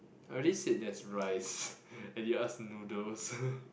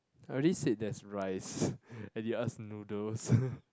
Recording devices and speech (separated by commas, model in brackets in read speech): boundary microphone, close-talking microphone, conversation in the same room